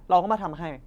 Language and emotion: Thai, frustrated